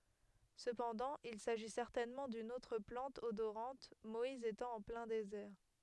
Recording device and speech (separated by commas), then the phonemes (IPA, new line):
headset microphone, read sentence
səpɑ̃dɑ̃ il saʒi sɛʁtɛnmɑ̃ dyn otʁ plɑ̃t odoʁɑ̃t mɔiz etɑ̃ ɑ̃ plɛ̃ dezɛʁ